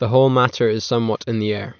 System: none